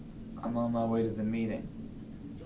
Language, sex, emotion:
English
male
neutral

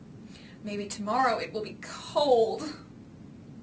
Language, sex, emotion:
English
female
sad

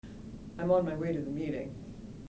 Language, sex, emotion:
English
female
neutral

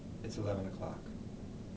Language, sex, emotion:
English
male
neutral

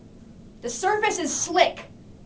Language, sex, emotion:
English
female
angry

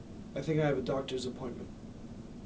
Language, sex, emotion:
English
male
neutral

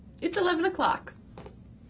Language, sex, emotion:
English
female
neutral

